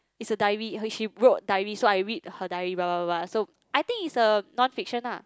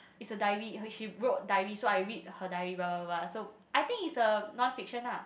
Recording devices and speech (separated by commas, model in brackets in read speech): close-talking microphone, boundary microphone, conversation in the same room